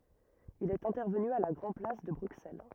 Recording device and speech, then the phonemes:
rigid in-ear microphone, read sentence
il ɛt ɛ̃tɛʁvəny a la ɡʁɑ̃ plas də bʁyksɛl

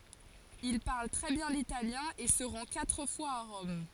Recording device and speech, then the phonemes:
forehead accelerometer, read sentence
il paʁl tʁɛ bjɛ̃ litaljɛ̃ e sə ʁɑ̃ katʁ fwaz a ʁɔm

